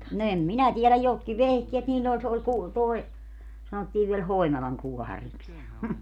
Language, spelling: Finnish, no en minä tiedä jotkin vehkeet niillä oli se oli - tuo sanottiin vielä Hoinalan kuohariksi ja
- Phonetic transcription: no 'em "minä tieläj jotki 'vehkeet niil'l ‿ol - se ol ku- , toe , 'sanottiiv viel "Hoinalaŋ 'kuɔhariks ja ,.

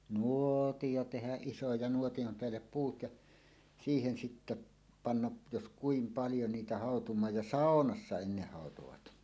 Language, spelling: Finnish, nuotio tehdä iso ja - nuotion päälle puut ja siihen sitten panna jos kuinka paljon niitä hautumaan ja saunassa ennen hautuivat
- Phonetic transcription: nùòtijo tehäˀ 'ˀiso ja 'nuoti ʲom 'peällep "puut ja , 'siihen sitte , 'panna’ , jos "kuim 'paljo niitä hàotum̀aaj ja "sàonassa 'enneh 'hàotovat .

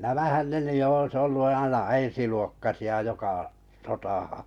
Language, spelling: Finnish, nämähän ne nyt jo olisi ollut aina ensiluokkaisia joka sotaan
- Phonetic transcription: nämähän ne ny 'jo 'oⁱs 'ollu aina 'ensiluokkasi₍a 'joka , "sotahaa̰ .

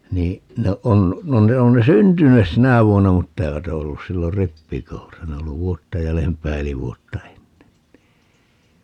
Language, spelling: Finnish, niin no on no ne on ne syntyneet sinä vuonna mutta eivät ole ollut silloin rippikoulussa ne on ollut vuotta jäljempää eli vuotta ennen niin
- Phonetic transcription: 'nii , no 'on , no 'ne on ne "syntynes "sinä vuonna 'mutta 'eivät ‿o ollus 'sillor "rippikoulusa - ne o ollu "vuotta 'jälempää eli 'vuotta "ennen (nii) .

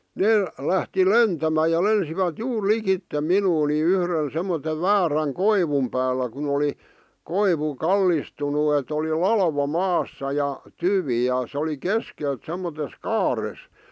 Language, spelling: Finnish, ne lähti lentämään ja lensivät juuri likitse minua niin yhden semmoisen väärän koivun päällä kun oli koivu kallistunut että oli latva maassa ja tyvi ja se oli keskeltä semmoisessa kaaressa
- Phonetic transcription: nee , 'lähti "lentämää ja 'lensivät "juur "likitte "minuu ni 'yhrən 'semmote 'vääräŋ "koivum päällä kun ‿oli , 'koivu , "kallistunu et ‿oli "lalva "maassa ja , 'tyvì ja se oli 'keskelt semmotes 'kaares .

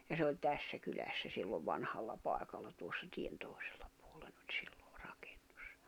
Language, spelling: Finnish, ja se oli tässä kylässä silloin vanhalla paikalla tuossa tien toisella puolen oli silloin rakennus
- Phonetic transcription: ja se oĺ 'tässä 'kylässä sillov 'vanhalla 'pài̬kalla tuossa 'tien 'tòi̬sᴇʟʟᴀ pᴜᴏʟʟᴇɴ ‿ᴏĹ 'sɪʟʟᴏ , ʀAkᴇɴɴᴜs .

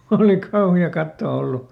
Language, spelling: Finnish, oli kauhea katsoa ollut
- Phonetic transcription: oli ˈkauhi₍a ˈkattoo ˈollu !

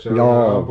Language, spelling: Finnish, joo
- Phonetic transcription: jô .

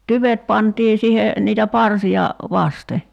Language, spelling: Finnish, tyvet pantiin siihen niitä parsia vasten
- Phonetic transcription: "tyvet pantii 'sihe , niitä 'parsi₍a , "vaste .

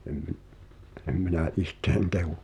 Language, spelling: Finnish, en - en minä itseäni kehu
- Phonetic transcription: em ᵐⁱˉ , 'em minä "ihtèᵃ̈n kehu .

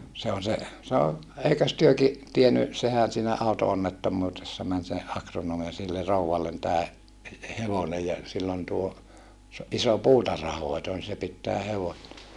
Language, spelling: Finnish, se on se sanoi eikös tekin tiennyt sehän siinä auto-onnettomuudessa meni se agronomi ja sille rouvalle tämä - hevonen ja sillä on tuo iso puutarhanhoito niin se pitää hevosta
- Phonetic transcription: se on̬ se , sano , » eikös työki , tieny , sehän̬ siinä àuto₍onnettommuutessa män se , akronoom ja sille rouwallen tää , he - hevonej ja , sill ‿on tuo , iso puutarhahòito ni se pittää hevo(sta) » .

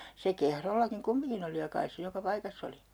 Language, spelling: Finnish, se Kehrollakin kumminkin oli ja kai se joka paikassa oli
- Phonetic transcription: se 'Kehrollakiŋ "kummiŋkin ‿oli ja 'kais se 'joka 'paikass ‿oli .

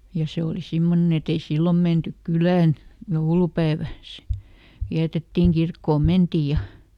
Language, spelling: Finnish, ja se oli semmoinen et ei silloin menty kylään joulupäivä sitten vietettiin kirkkoon mentiin ja
- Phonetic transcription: ja ˈse oli ˈsimmonen ‿et ‿ei "sillom ˈmentyk "kylään , ˈjoulupäevä (si) , ˈviätettiŋ "kirkkoom ˈmentìj ja ,.

